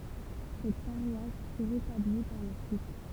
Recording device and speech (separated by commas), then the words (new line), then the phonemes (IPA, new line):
temple vibration pickup, read sentence
Cette paroisse fut rétablie par la suite.
sɛt paʁwas fy ʁetabli paʁ la syit